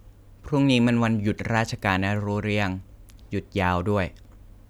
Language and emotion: Thai, neutral